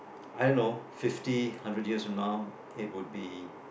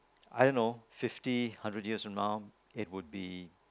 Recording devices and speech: boundary microphone, close-talking microphone, conversation in the same room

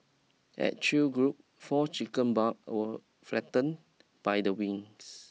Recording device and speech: mobile phone (iPhone 6), read sentence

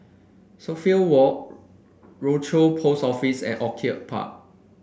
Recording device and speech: boundary microphone (BM630), read sentence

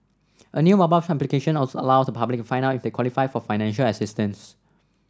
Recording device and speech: standing microphone (AKG C214), read sentence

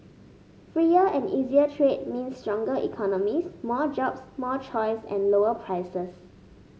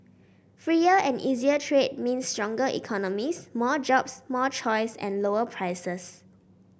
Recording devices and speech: mobile phone (Samsung S8), boundary microphone (BM630), read sentence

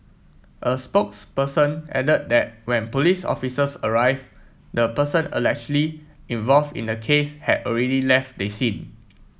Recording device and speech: mobile phone (iPhone 7), read sentence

